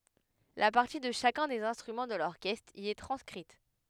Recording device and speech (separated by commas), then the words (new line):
headset microphone, read sentence
La partie de chacun des instruments de l'orchestre y est transcrite.